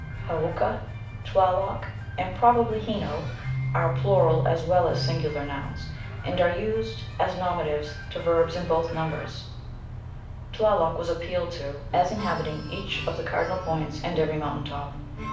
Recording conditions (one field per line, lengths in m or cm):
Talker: one person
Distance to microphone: 5.8 m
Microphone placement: far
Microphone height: 1.8 m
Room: medium-sized (5.7 m by 4.0 m)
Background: music